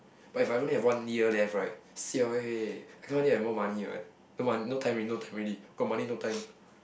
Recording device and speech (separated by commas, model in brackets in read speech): boundary microphone, conversation in the same room